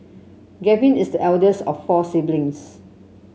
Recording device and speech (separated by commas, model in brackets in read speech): mobile phone (Samsung C7), read sentence